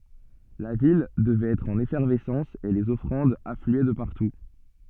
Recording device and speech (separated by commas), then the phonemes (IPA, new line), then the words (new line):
soft in-ear microphone, read sentence
la vil dəvɛt ɛtʁ ɑ̃n efɛʁvɛsɑ̃s e lez ɔfʁɑ̃dz aflyɛ də paʁtu
La ville devait être en effervescence et les offrandes affluaient de partout.